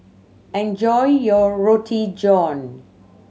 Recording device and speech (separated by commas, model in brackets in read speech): mobile phone (Samsung C7100), read sentence